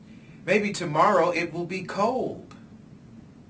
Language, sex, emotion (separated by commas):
English, male, neutral